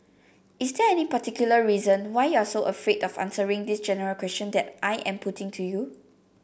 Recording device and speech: boundary microphone (BM630), read sentence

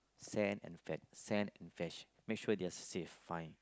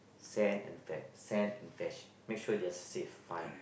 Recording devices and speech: close-talking microphone, boundary microphone, conversation in the same room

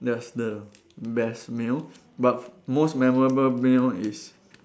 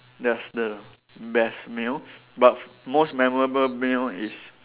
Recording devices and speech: standing microphone, telephone, conversation in separate rooms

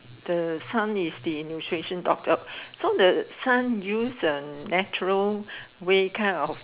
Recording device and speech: telephone, conversation in separate rooms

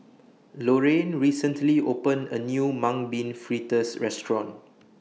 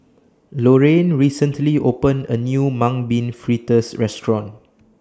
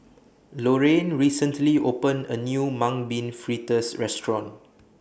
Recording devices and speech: mobile phone (iPhone 6), standing microphone (AKG C214), boundary microphone (BM630), read sentence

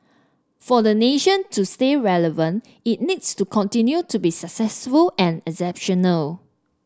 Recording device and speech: standing microphone (AKG C214), read sentence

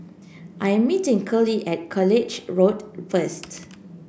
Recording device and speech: boundary microphone (BM630), read sentence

